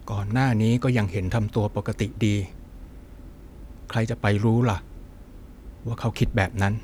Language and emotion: Thai, frustrated